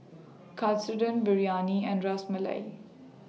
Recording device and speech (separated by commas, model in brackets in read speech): mobile phone (iPhone 6), read sentence